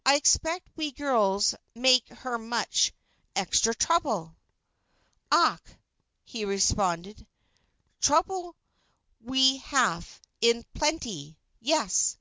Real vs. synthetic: real